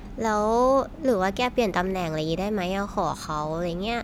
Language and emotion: Thai, neutral